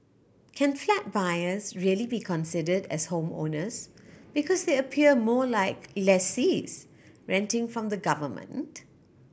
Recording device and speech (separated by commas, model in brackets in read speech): boundary microphone (BM630), read sentence